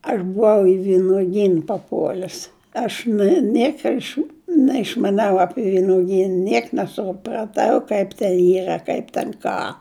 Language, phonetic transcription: Lithuanian, aš buˈvau i vinuˈgyn paˈpuol'us ˈaš na ˈnieko aš neišmaˈniau ˈapi vinuˈgyn ˈniek nesupraˈtau ˈkaip ten ˈyra kaip ten ˈką

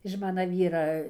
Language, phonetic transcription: Lithuanian, iž ˈmana ˈvyra

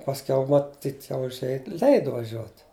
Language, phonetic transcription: Lithuanian, pasˈkiau maˈtyt jau užˈėj ˈleidu vaˈžiuot

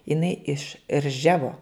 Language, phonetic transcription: Lithuanian, iˈnai iš ˈrževo

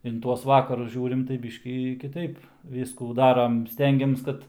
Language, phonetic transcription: Lithuanian, in ˈtuos ˈvakarus ˈžiūrim tai ˈbyškį kiˈtaip ˈvyskų ˈdaram ˈstengiams ˈkad

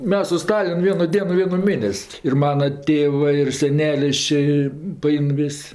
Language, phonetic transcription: Lithuanian, ˈmes su ˈstalin ˈvienu ˈdienu ˈvienu ˈmėnes' ir ˈmana ˈtėvɜ ir seˈnelis čia paˈein ˈvis'

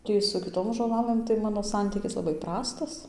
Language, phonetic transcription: Lithuanian, ˈtį su kiˈtom žoˈlalɘm tai ˈmano ˈsantykis laˈbai ˈprastas

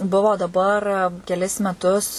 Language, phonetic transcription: Lithuanian, ˈbuvo daˈbar keˈlis meˈtus

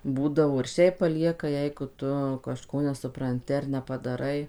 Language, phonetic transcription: Lithuanian, ˈbūdavo ir ˈšiaip paˈlieka ˈjeigu ˈtu kažˈko nesupranˈti ar nepadaˈrai

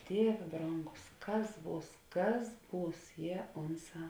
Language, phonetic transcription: Lithuanian, ˈdievė ˈbrongus ˈkas ˈbūs ˈkas ˈbūs jie ˈunˌsā

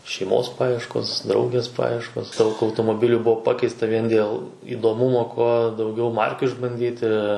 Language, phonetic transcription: Lithuanian, šeiˈmos ˈpajieškos ˈdraugės ˈpajieškos ˈdaug automoˈbiliu ˈbuo ˈpakeista ˈvien dėl įdoˈmumo ˈkuo dauˈgiau ˈmarkiu išbanˈdyti

